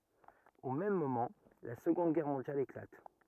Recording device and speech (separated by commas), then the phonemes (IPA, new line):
rigid in-ear microphone, read sentence
o mɛm momɑ̃ la səɡɔ̃d ɡɛʁ mɔ̃djal eklat